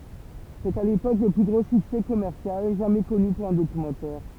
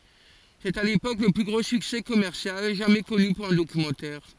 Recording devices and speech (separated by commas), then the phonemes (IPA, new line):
temple vibration pickup, forehead accelerometer, read sentence
sɛt a lepok lə ply ɡʁo syksɛ kɔmɛʁsjal ʒamɛ kɔny puʁ œ̃ dokymɑ̃tɛʁ